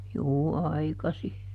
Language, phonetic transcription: Finnish, ˈjuu "aikasi .
- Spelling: juu aikaisin

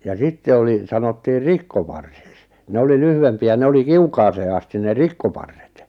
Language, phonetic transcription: Finnish, ja 'sitte oli , 'sanottiiʳ "rikkoparsiks , 'ne oli 'lyhyvempi₍ä 'ne oli "kiukaasee asti ne "rik-koparret .
- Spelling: ja sitten oli sanottiin rikkoparsiksi ne oli lyhyempiä ne oli kiukaaseen asti ne rikkoparret

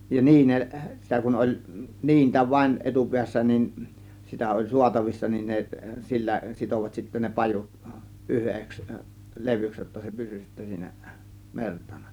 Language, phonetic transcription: Finnish, ja 'niineˀ- , 'sitä kun oĺ , 'niintä vaⁱn 'etupiässä nin , sitä oĺ "suatavissa nin ne , "sillä 'sitovat sittä ne "pajut , 'ˀyheks , "levyks jotta se 'pysy sittä siinä , 'mertana .
- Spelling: ja - sitä kun oli niintä vain etupäässä niin sitä oli saatavissa niin ne sillä sitoivat sitten ne pajut yhdeksi levyksi jotta se pysyi sitten siinä mertana

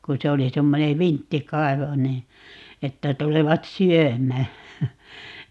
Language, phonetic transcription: Finnish, ku 'se oli 'semmone "vintti"kai̮vo nii , 'että 'tulevat "syöm̀ää .
- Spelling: kun se oli semmoinen vinttikaivo niin että tulevat syömään

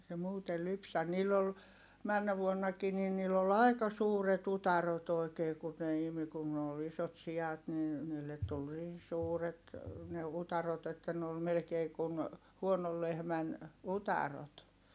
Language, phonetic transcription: Finnish, ei se muutel lypsä - niill ‿ol , männä vuonnakii ni niill ‿ol ‿ai̮ka suuret ‿utarot ‿oi̮kee kun ne imi kun ne ol ‿isot si₍at nin̬ , niillet tul niin̬ suuret , ne utarot ‿että ne ol melᵉkee kun , huonol lehmän , utarot .
- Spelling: ei se muuten lypsä niillä oli menneenä vuonnakin niin niillä oli aika suuret utareet oikein kun ne imi kun ne oli isot siat niin niille tuli niin suuret ne utareet että ne oli melkein kuin huonon lehmän utareet

